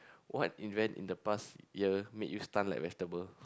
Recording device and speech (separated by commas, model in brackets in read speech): close-talking microphone, conversation in the same room